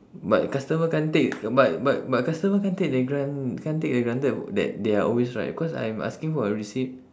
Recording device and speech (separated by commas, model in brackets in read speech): standing microphone, conversation in separate rooms